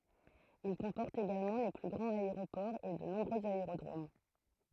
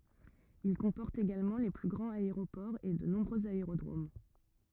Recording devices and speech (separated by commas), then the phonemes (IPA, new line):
throat microphone, rigid in-ear microphone, read sentence
il kɔ̃pɔʁt eɡalmɑ̃ le ply ɡʁɑ̃z aeʁopɔʁz e də nɔ̃bʁøz aeʁodʁom